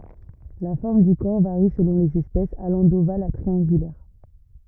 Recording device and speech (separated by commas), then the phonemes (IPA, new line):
rigid in-ear microphone, read sentence
la fɔʁm dy kɔʁ vaʁi səlɔ̃ lez ɛspɛsz alɑ̃ doval a tʁiɑ̃ɡylɛʁ